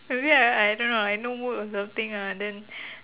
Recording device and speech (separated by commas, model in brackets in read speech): telephone, conversation in separate rooms